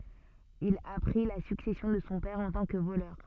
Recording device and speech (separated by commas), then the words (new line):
soft in-ear microphone, read sentence
Il a pris la succession de son père en tant que voleur.